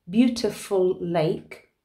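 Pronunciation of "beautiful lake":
This is the incorrect way to say 'beautiful lake': the L is said twice, once at the end of 'beautiful' and again at the start of 'lake', so the two words don't flow together.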